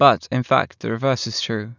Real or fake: real